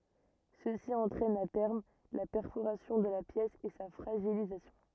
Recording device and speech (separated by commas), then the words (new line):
rigid in-ear microphone, read sentence
Ceci entraîne à terme la perforation de la pièce et sa fragilisation.